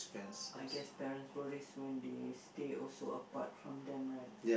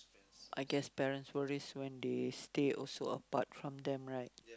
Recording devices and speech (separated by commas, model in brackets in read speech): boundary microphone, close-talking microphone, conversation in the same room